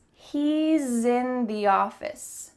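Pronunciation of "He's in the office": In 'He's in the office', the s of 'he's' is said as a z sound and links straight into 'in'.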